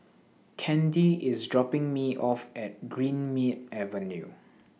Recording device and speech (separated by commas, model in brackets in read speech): mobile phone (iPhone 6), read sentence